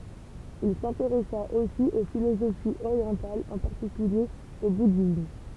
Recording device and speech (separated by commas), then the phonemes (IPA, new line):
temple vibration pickup, read sentence
il sɛ̃teʁɛsa osi o filozofiz oʁjɑ̃talz ɑ̃ paʁtikylje o budism